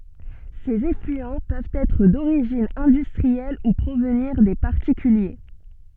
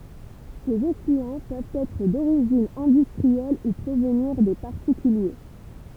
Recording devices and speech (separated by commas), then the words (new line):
soft in-ear microphone, temple vibration pickup, read sentence
Ces effluents peuvent être d'origine industrielle ou provenir des particuliers.